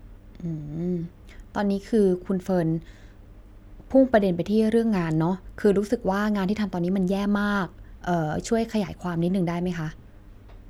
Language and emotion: Thai, neutral